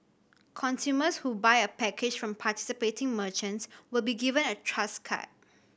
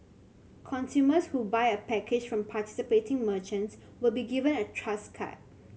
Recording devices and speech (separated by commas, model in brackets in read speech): boundary microphone (BM630), mobile phone (Samsung C7100), read sentence